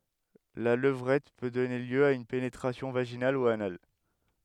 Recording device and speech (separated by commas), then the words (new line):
headset microphone, read sentence
La levrette peut donner lieu à une pénétration vaginale ou anale.